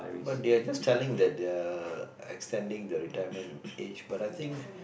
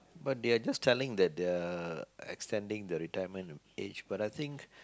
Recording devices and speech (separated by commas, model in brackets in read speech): boundary microphone, close-talking microphone, conversation in the same room